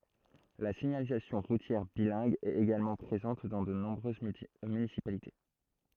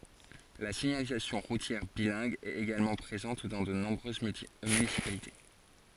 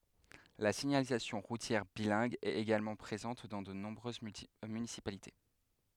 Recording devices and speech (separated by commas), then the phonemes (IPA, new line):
throat microphone, forehead accelerometer, headset microphone, read sentence
la siɲalizasjɔ̃ ʁutjɛʁ bilɛ̃ɡ ɛt eɡalmɑ̃ pʁezɑ̃t dɑ̃ də nɔ̃bʁøz mynisipalite